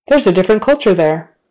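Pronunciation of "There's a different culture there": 'There's a different culture there' is said in a natural manner and at natural speed, not slowly.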